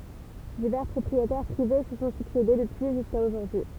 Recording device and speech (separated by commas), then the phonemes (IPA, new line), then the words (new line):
temple vibration pickup, read sentence
divɛʁ pʁɔpʁietɛʁ pʁive sə sɔ̃ syksede dəpyi ʒyska oʒuʁdyi
Divers propriétaires privés se sont succédé depuis jusqu'à aujourd'hui.